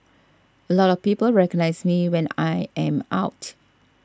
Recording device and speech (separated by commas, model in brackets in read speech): standing microphone (AKG C214), read sentence